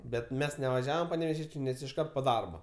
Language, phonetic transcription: Lithuanian, bet ˈmes nevaˈžiavom paneveˈžiečė nes išˈkart po ˈdarbo

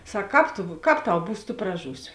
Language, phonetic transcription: Lithuanian, ˈsak ˈkāp tu ˈkāp ˈtau ˈbūs tu praˈžūsi

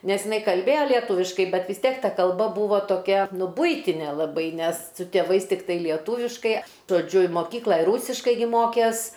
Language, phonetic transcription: Lithuanian, ˈnes jiˈnai kalˈbėjo lieˈtūviškai ˈbet vis ˈtiek ˈta kalˈba ˈbūvo toˈkia ˈnu ˈbuitinė laˈbai nes su tėˈvais tikˈtai lieˈtūviškai žoˈdžiu i moˈkykla i ˈrūsiškai gi ˈmokės

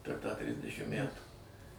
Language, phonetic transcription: Lithuanian, per tą ˈtrisdešim ˈmætų

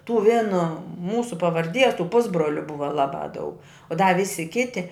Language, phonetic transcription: Lithuanian, tų ˈvėno ˈmūsu pavarˈdies tų ˈpusbroliu ˈbuva ˈlaˌbā daug da ˈvisi ˈkiti

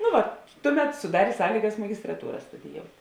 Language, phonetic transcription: Lithuanian, nu ˈva ˈtuˌmet suˈdarė ˈsąlygas magistraˈtūra studiˈjout'

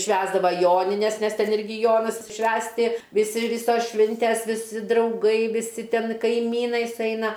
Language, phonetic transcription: Lithuanian, ˈšvęsdava ˈjonines nes ˈten ˈirgi ˈjonas ˈšvęsti viˈsi ˈvisos ˈšvintes viˈsi drauˈgai viˈsi ˈten kaiˈmynai suˈeina

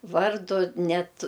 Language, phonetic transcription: Lithuanian, ˈvardu ˈnet

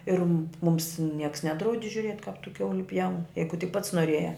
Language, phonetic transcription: Lithuanian, ir mums nieks ˈnedraudi žiuˈriet' kap tu ˈkiauli pjaun ˈjeigu tik pats noˈrėjā

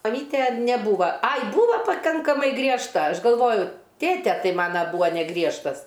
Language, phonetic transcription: Lithuanian, maˈmytė neˈbūva ˈai ˈbūva paˈkankamai griežˈta ˈaš galˈvoju ˈtėte ˈtai ˈmana ˈbūva neˈgriežtas

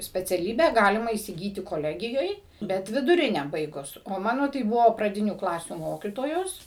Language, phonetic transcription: Lithuanian, speciaˈlybę ˈgalima įsiˈgyti koˈlegijoj ˈbet viduˈrinę ˈbaigus o ˈmano tai ˈbuvo praˈdinių ˈklasių ˈmokytojos

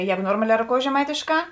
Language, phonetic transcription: Lithuanian, ˈjegu ˈnormale roˈkoujės že maitėšˌkā

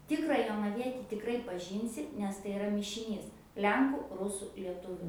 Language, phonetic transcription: Lithuanian, ˈtikrą jonaˈvieti tikˈrai paˈžynsi nes tai iˈra mišiˈnys ˈlenku ˈrusu lieˈtuviu

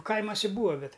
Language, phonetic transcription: Lithuanian, ˈkaimose ˈbūva ˈbet

